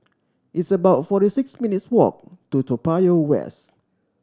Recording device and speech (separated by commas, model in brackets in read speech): standing microphone (AKG C214), read sentence